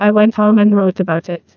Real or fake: fake